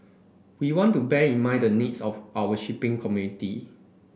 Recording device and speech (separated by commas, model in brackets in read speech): boundary microphone (BM630), read sentence